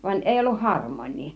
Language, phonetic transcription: Finnish, van 'èi 'olluh "harmooń̆nii .
- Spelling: vaan ei ollut harmonia

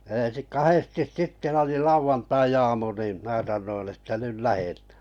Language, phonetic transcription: Finnish, eḛsi 'kahestis 'sitte oli 'lauvantai₍aamu nìm 'mää sannoin että 'nyl "lähetᴀ̈ᴀ̈ .
- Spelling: ensin kahdesti sitten oli lauantaiaamu niin minä sanoin että nyt lähdetään

